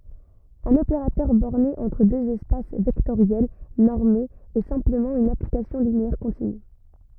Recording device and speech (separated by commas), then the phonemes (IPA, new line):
rigid in-ear microphone, read sentence
œ̃n opeʁatœʁ bɔʁne ɑ̃tʁ døz ɛspas vɛktoʁjɛl nɔʁmez ɛ sɛ̃pləmɑ̃ yn aplikasjɔ̃ lineɛʁ kɔ̃tiny